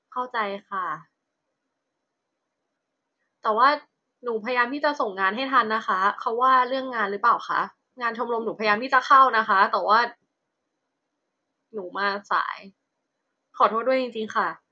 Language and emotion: Thai, sad